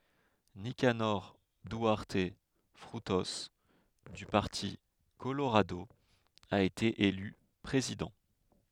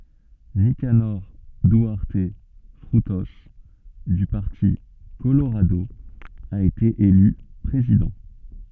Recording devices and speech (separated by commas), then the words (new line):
headset microphone, soft in-ear microphone, read sentence
Nicanor Duarte Frutos, du parti Colorado, a été élu président.